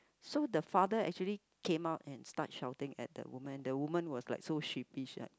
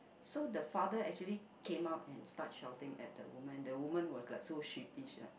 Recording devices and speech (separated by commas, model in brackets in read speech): close-talking microphone, boundary microphone, conversation in the same room